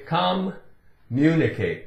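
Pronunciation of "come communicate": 'Communicate' is pronounced incorrectly here.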